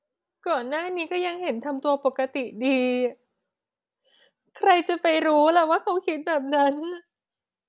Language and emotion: Thai, sad